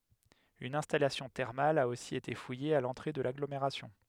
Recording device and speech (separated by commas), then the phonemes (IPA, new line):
headset microphone, read sentence
yn ɛ̃stalasjɔ̃ tɛʁmal a osi ete fuje a lɑ̃tʁe də laɡlomeʁasjɔ̃